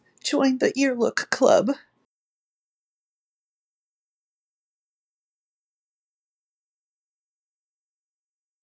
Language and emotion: English, fearful